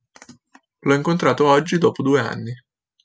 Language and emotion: Italian, neutral